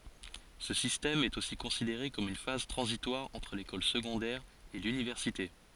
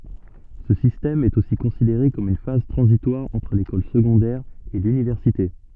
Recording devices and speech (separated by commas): forehead accelerometer, soft in-ear microphone, read sentence